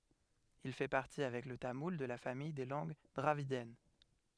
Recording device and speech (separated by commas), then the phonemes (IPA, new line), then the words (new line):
headset microphone, read sentence
il fɛ paʁti avɛk lə tamul də la famij de lɑ̃ɡ dʁavidjɛn
Il fait partie, avec le tamoul, de la famille des langues dravidiennes.